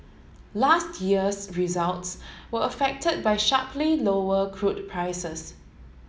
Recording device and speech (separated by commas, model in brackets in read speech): mobile phone (Samsung S8), read sentence